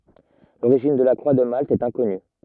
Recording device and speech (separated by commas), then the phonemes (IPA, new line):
rigid in-ear microphone, read sentence
loʁiʒin də la kʁwa də malt ɛt ɛ̃kɔny